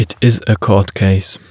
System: none